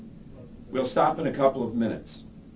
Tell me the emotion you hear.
neutral